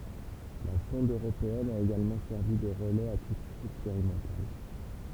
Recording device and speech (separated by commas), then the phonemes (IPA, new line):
temple vibration pickup, read sentence
la sɔ̃d øʁopeɛn a eɡalmɑ̃ sɛʁvi də ʁəlɛz a titʁ ɛkspeʁimɑ̃tal